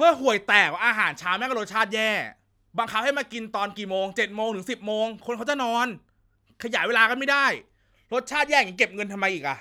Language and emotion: Thai, angry